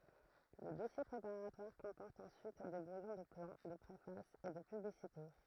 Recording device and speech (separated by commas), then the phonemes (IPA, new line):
throat microphone, read sentence
lə dɔsje pʁepaʁatwaʁ kɔ̃pɔʁt ɑ̃syit de bʁujɔ̃ də plɑ̃ də pʁefas e də pyblisite